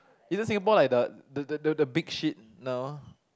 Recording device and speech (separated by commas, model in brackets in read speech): close-talking microphone, conversation in the same room